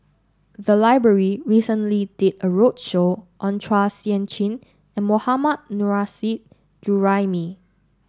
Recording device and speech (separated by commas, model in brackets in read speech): standing microphone (AKG C214), read sentence